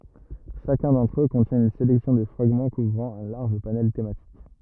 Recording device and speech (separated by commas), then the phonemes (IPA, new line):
rigid in-ear microphone, read sentence
ʃakœ̃ dɑ̃tʁ ø kɔ̃tjɛ̃ yn selɛksjɔ̃ də fʁaɡmɑ̃ kuvʁɑ̃ œ̃ laʁʒ panɛl tematik